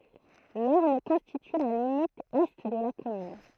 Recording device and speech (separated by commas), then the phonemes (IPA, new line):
throat microphone, read sentence
lɔʁn kɔ̃stity la limit ɛ də la kɔmyn